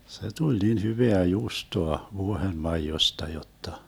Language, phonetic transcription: Finnish, se 'tuĺ nin 'hyveä 'juustoa , 'vuohenmaijosta 'jotta .
- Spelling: se tuli niin hyvää juustoa vuohenmaidosta jotta

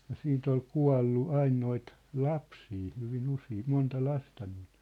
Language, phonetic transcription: Finnish, ja 'siint ‿ol 'kua̭llu 'ain noit , 'lapsii hyvin 'usi̳i̳ , 'monta 'lasta nii(ʟ) .
- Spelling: ja siitä oli kuollut aina noita lapsia hyvin usein monta lasta niillä

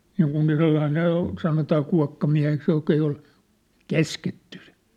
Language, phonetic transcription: Finnish, ('niiŋkuv 'Virolahlel ‿ol) , 'sanotaa 'kua̭kkamiä̭heks jok̀ ‿ei ol , "käsketty sɪ .
- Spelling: niin kuin Virolahdella oli sanotaan kuokkamieheksi joka ei ole käsketty -

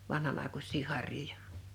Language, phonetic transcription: Finnish, 'vanhan ‿àekus̆sii 'har̀joja .
- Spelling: vanhan aikuisia harjoja

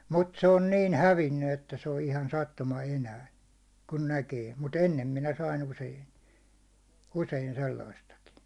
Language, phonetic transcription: Finnish, mut se on niin 'hävinny , että se on ihan sattuma 'enää , kun 'näkee , mu"t ‿ennem minä sain 'usein̬ , 'usein sellaistakii .
- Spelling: mutta se on niin hävinnyt että se on ihan sattuma enää kun näkee mutta ennen minä sain usein usein sellaistakin

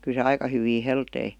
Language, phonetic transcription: Finnish, ky se "aika hyvii 'heltei .
- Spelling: kyllä se aika hyvin heltisi

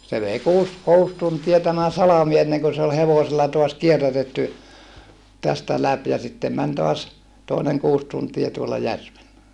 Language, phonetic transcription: Finnish, se vei kuus , kuus tuntia tämä salami enneŋkö se ol hevosella toas kierrätetty , tästä läp ja sittem män toas , tòineŋ kuus tuntie tuola järvellä .
- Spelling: se vei kuusi kuusi tuntia tämä salmi ennen kuin se oli hevosella taas kierrätetty tästä läpi ja sitten meni taas toinen kuusi tuntia tuolla järvellä

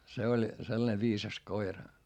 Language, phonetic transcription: Finnish, se oĺ , sellᵃne viisas koira .
- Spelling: se oli sellainen viisas koira

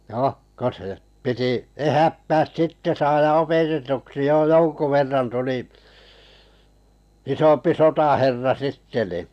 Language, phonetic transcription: Finnish, 'no , ko se , piti 'ehättääs 'sitte saaja 'opetetuksi jo "joŋku 'verran tuli , 'isompi "sotaherra 'sitte ni ,.
- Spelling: no kun se piti ehättää sitten saada opetetuksi jo jonkun verran tuli isompi sotaherra sitten niin

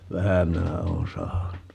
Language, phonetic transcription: Finnish, "vähä 'minä oon 'sahannu .
- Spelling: vähän minä olen sahannut

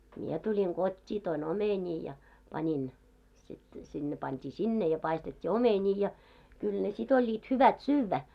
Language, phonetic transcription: Finnish, mie 'tuĺiŋ "ɢot́t́ii toi"n ‿omeńii ja , 'panin , sit , siᴅ ne 'pant́ii "sinne ja 'paistet́t́i "omeńii ja , 'kyl ne sit ‿oĺĺiit 'hyvät "syyvvä .
- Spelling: minä tulin kotiin toin omenia ja panin sitten sitten ne pantiin sinne ja paistettiin omenia ja kyllä ne sitten olivat hyvät syödä

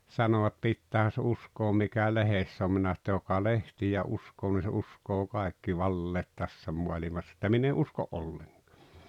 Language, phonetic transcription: Finnish, sanoᵛat » 'pittäähä se 'uskoom mikä "lehess ‿om « minä s[anoin] ‿että » 'joka "lehtijä "uskoo nii se "uskoo "kaekki 'valleet 'tässä mualimass ‿että min ‿e "usko "olleŋkᴀᴀ « .
- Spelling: sanovat pitäähän se uskoa mikä lehdessä on minä sanoin että joka lehtiä uskoo niin se uskoo kaikki valheet tässä maailmassa että minä en usko ollenkaan

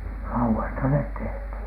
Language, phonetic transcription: Finnish, lauwoista net 'tehthìn .
- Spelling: laudoista ne tehtiin

